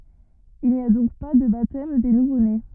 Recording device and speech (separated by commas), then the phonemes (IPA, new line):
rigid in-ear microphone, read sentence
il ni a dɔ̃k pa də batɛm de nuvone